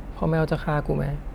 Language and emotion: Thai, sad